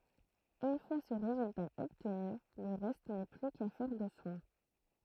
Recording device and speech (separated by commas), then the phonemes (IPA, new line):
throat microphone, read sentence
yn fwa sə ʁezylta ɔbtny lə ʁɛst nɛ ply kafɛʁ də swɛ̃